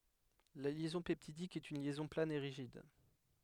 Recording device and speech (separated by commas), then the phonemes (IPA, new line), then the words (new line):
headset microphone, read sentence
la ljɛzɔ̃ pɛptidik ɛt yn ljɛzɔ̃ plan e ʁiʒid
La liaison peptidique est une liaison plane et rigide.